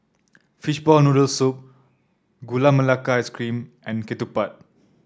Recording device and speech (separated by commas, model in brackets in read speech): standing microphone (AKG C214), read sentence